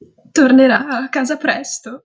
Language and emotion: Italian, sad